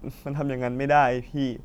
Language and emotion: Thai, sad